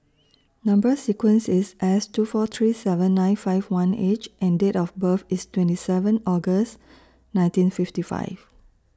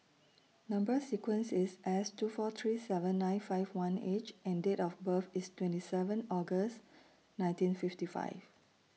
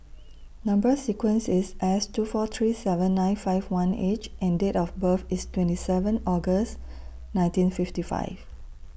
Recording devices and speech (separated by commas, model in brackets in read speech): standing microphone (AKG C214), mobile phone (iPhone 6), boundary microphone (BM630), read sentence